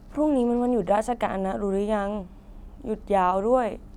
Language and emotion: Thai, sad